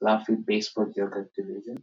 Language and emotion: English, surprised